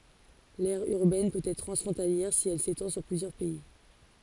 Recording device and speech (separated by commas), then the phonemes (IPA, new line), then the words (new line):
forehead accelerometer, read sentence
lɛʁ yʁbɛn pøt ɛtʁ tʁɑ̃sfʁɔ̃taljɛʁ si ɛl setɑ̃ syʁ plyzjœʁ pɛi
L'aire urbaine peut être transfrontalière si elle s'étend sur plusieurs pays.